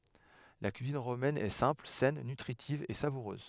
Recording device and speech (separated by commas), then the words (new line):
headset microphone, read sentence
La cuisine romaine est simple, saine, nutritive et savoureuse.